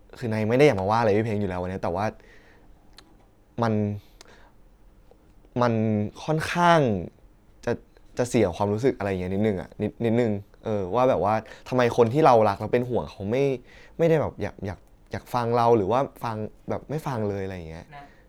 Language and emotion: Thai, frustrated